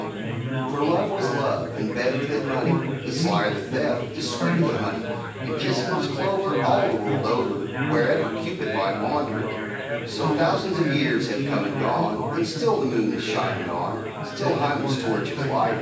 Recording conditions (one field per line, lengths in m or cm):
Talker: one person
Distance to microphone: 9.8 m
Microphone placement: far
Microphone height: 1.8 m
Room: large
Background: babble